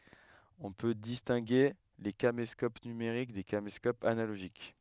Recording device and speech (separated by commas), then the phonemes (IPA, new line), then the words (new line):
headset microphone, read sentence
ɔ̃ pø distɛ̃ɡe le kameskop nymeʁik de kameskopz analoʒik
On peut distinguer les caméscopes numériques des caméscopes analogiques.